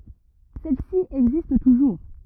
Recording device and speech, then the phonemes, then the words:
rigid in-ear microphone, read sentence
sɛl si ɛɡzist tuʒuʁ
Celle-ci existe toujours.

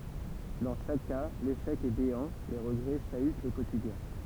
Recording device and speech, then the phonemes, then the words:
temple vibration pickup, read sentence
dɑ̃ ʃak ka leʃɛk ɛ beɑ̃ le ʁəɡʁɛ ʃayt lə kotidjɛ̃
Dans chaque cas, l'échec est béant, les regrets chahutent le quotidien.

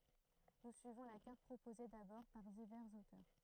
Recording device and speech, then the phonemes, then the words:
throat microphone, read sentence
nu syivɔ̃ la kaʁt pʁopoze dabɔʁ paʁ divɛʁz otœʁ
Nous suivons la carte proposée d'abord par divers auteurs.

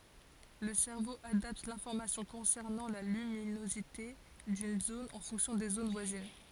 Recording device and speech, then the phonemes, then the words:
forehead accelerometer, read sentence
lə sɛʁvo adapt lɛ̃fɔʁmasjɔ̃ kɔ̃sɛʁnɑ̃ la lyminozite dyn zon ɑ̃ fɔ̃ksjɔ̃ de zon vwazin
Le cerveau adapte l'information concernant la luminosité d'une zone en fonction des zones voisines.

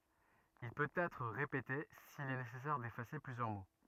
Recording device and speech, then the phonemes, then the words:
rigid in-ear microphone, read sentence
il pøt ɛtʁ ʁepete sil ɛ nesɛsɛʁ defase plyzjœʁ mo
Il peut être répété s'il est nécessaire d'effacer plusieurs mots.

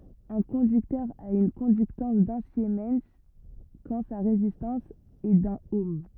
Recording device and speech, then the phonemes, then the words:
rigid in-ear microphone, read sentence
œ̃ kɔ̃dyktœʁ a yn kɔ̃dyktɑ̃s dœ̃ simɛn kɑ̃ sa ʁezistɑ̃s ɛ dœ̃n ɔm
Un conducteur a une conductance d’un siemens quand sa résistance est d'un ohm.

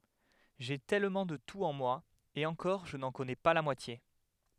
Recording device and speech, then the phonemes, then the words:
headset microphone, read sentence
ʒe tɛlmɑ̃ də tut ɑ̃ mwa e ɑ̃kɔʁ ʒə nɑ̃ kɔnɛ pa la mwatje
J'ai tellement de tout en moi, et encore je n'en connais pas la moitié.

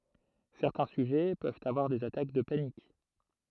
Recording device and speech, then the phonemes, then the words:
throat microphone, read sentence
sɛʁtɛ̃ syʒɛ pøvt avwaʁ dez atak də panik
Certains sujets peuvent avoir des attaques de panique.

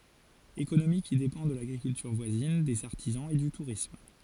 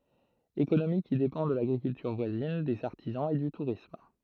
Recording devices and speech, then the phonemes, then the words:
forehead accelerometer, throat microphone, read sentence
ekonomi ki depɑ̃ də laɡʁikyltyʁ vwazin dez aʁtizɑ̃z e dy tuʁism
Économie qui dépend de l'agriculture voisine, des artisans, et du tourisme.

